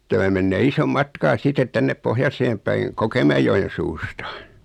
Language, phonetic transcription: Finnish, 'tämä mennee 'isom "matkaa sitet 'tännep "pohjaseem päiŋ , 'Kokemä₍ejojen̬ 'suusta .
- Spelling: tämä menee ison matkaa sitten tänne pohjoiseen päin Kokemäenjoen suusta

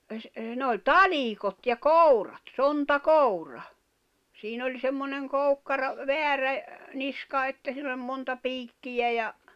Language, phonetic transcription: Finnish, ne oĺ "talìkot ja "kòurat , "sonta'koura , 'siin ‿oĺ semmoneŋ 'koukkara , "veärä , 'niska että siin ‿oĺ monta 'piikkijä ja ,.
- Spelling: ne oli talikot ja kourat sontakoura siinä oli semmoinen koukkara väärä niska että siinä oli monta piikkiä ja

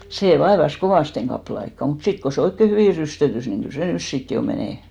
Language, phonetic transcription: Finnish, 'sè 'vaevas "kovàsteŋ ɢappᵃle aikka mut 'sit ko se 'oikke "hyvì 'rystötys ni kyl se "nys 'sit jo menè .
- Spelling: se vaivasi kovasti kappaleen aikaa mutta sitten kun se oikein hyvin rysttöttyi niin kyllä se nyt sitten jo menee

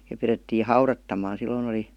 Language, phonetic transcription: Finnish, ja pirettii "haurattam̆maan̬ silloin ‿oli ,.
- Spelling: ja pidettiin haudattaman silloin oli

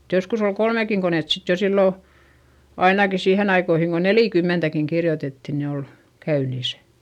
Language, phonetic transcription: Finnish, (et) joskus ‿ol kolmekiŋ konèt sit jo sillò , ainaki siihen ‿aikoihiŋ ko nelìkymmentäkiŋ kirjotetti ni ol , käynisÄ .
- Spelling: että joskus oli kolmekin konetta sitten jo silloin ainakin siihen aikoihin kun neljäkymmentäkin kirjoitettiin niin oli käynnissä

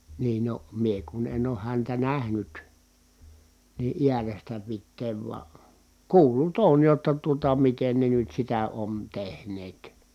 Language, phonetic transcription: Finnish, niin no , mie kun en ooh häntä nähnyt , nii ʼiärestä pitteev vua , kuul̀ut ‿ooj jotta tuota miten ne nyt sitä on tehneet .
- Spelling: niin no minä kun en ole häntä nähnyt niin äärestä pitäen vain kuullut olen jotta tuota miten ne nyt sitä on tehneet

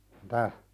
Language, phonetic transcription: Finnish, mⁱ'tä ?
- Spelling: mitä

